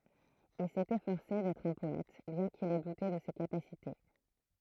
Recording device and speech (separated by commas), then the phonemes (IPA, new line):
throat microphone, read sentence
il sɛt efɔʁse dɛtʁ œ̃ pɔɛt bjɛ̃ kil ɛ dute də se kapasite